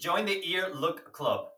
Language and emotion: English, happy